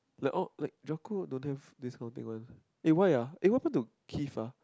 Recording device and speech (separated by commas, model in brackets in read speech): close-talking microphone, conversation in the same room